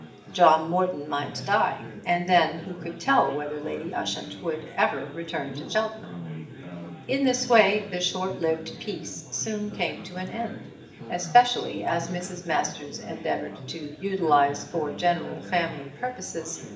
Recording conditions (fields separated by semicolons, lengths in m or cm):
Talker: one person; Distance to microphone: 1.8 m; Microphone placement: close; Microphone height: 1.0 m; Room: large; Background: babble